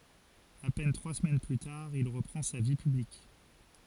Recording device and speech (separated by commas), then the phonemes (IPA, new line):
forehead accelerometer, read sentence
a pɛn tʁwa səmɛn ply taʁ il ʁəpʁɑ̃ sa vi pyblik